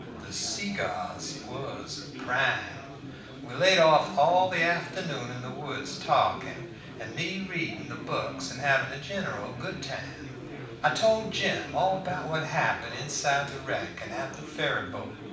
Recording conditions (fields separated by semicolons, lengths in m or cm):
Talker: one person; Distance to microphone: 5.8 m; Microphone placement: far; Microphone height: 1.8 m; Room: medium-sized (5.7 m by 4.0 m); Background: babble